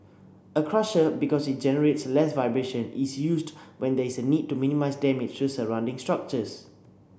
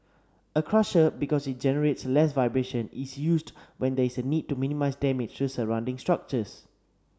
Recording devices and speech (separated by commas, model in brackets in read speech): boundary microphone (BM630), standing microphone (AKG C214), read sentence